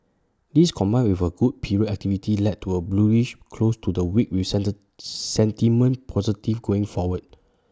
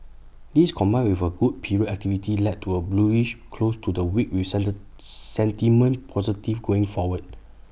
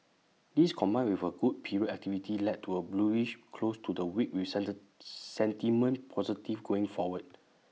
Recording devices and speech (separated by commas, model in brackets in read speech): standing microphone (AKG C214), boundary microphone (BM630), mobile phone (iPhone 6), read sentence